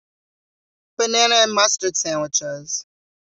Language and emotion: English, neutral